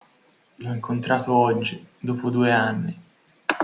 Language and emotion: Italian, sad